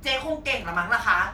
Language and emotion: Thai, frustrated